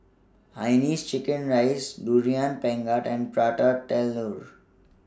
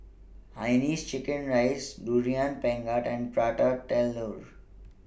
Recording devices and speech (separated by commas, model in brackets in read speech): standing microphone (AKG C214), boundary microphone (BM630), read sentence